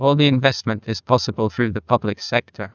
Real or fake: fake